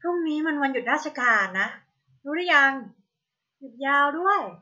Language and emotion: Thai, frustrated